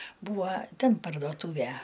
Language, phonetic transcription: Lithuanian, ˈbūva ˈten pardoˈtūvæ

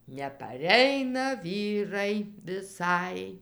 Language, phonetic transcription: Lithuanian, nepaˈreina ˈvyrai viˈsai

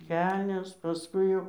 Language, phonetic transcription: Lithuanian, ˈkelnes paˈskui jau

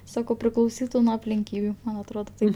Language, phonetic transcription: Lithuanian, ˈsakau priklauˈsytu nuo aplinˈkybiu man atˈrodo ˈtaip

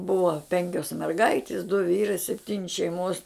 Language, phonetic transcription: Lithuanian, ˈbua ˈpenkios merˈgaitis du ˈvyrai sepˈtyni šeiˈmos

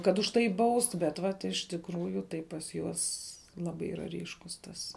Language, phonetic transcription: Lithuanian, kad už ˈtai ˈbaust bet ˈvat iš tikˈrųju tai pas ˈjuos ˈlabai ˈyra ˈryškus ˈtas

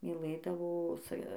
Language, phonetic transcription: Lithuanian, myˈlɘdavo sa

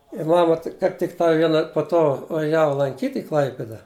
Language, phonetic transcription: Lithuanian, i ˈmama tik kaip tikˈtai ˈviena po ˈto vaˈžiava lanˈkyt' i ˈklaipida

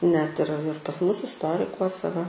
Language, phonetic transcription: Lithuanian, net ir ir pas ˈmus isˈtorikuose va

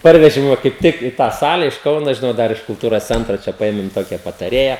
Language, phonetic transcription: Lithuanian, ˈparvežim ˈva kaip ˈtik i tą ˈsale iš ˈkauno žiˈnau ˈdar iš kulˈtūros ˈcentro ˈčia paˈėmim ˈtokia pataˈrėja

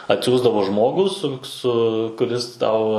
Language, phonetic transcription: Lithuanian, atˈsiųsdavo ˈžmogų su ˈsu kuˈris ˈtau

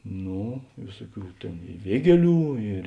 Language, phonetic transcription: Lithuanian, ˈno ˈvėsuˌkių ˈtėn i ˈviegieˌlių ir

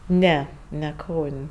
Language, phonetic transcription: Lithuanian, ˈne ne ˈkaun'

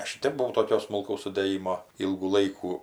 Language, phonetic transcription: Lithuanian, ˈaš i ˈtep buˈvau toˈkio smulˈkaus sudėˈjimo ˈylgų ˈlaikų

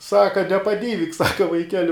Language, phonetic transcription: Lithuanian, ˈsaka nepaˈdyvik ˈsaka vaiˈkeli

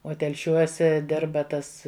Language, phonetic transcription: Lithuanian, o telˈšiuose ˈdirba ˈtas

